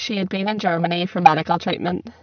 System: VC, spectral filtering